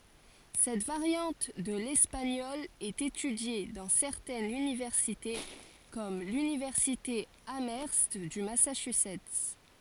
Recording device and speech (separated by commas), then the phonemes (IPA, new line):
forehead accelerometer, read sentence
sɛt vaʁjɑ̃t də lɛspaɲɔl ɛt etydje dɑ̃ sɛʁtɛnz ynivɛʁsite kɔm lynivɛʁsite amœʁst dy masaʃyzɛt